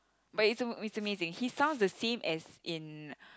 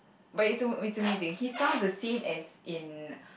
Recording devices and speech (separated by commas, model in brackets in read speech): close-talking microphone, boundary microphone, conversation in the same room